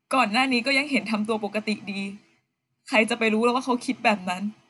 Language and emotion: Thai, sad